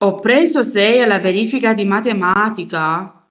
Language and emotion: Italian, surprised